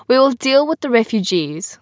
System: none